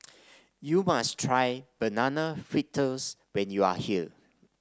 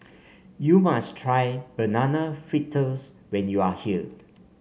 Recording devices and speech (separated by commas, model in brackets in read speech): standing microphone (AKG C214), mobile phone (Samsung C5), read sentence